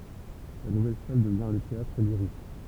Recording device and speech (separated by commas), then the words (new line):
temple vibration pickup, read sentence
La nouvelle salle devient le Théâtre-Lyrique.